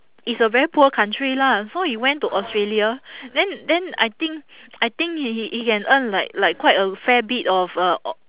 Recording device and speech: telephone, conversation in separate rooms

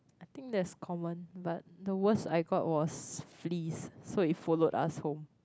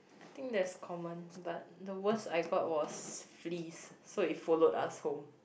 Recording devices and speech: close-talking microphone, boundary microphone, conversation in the same room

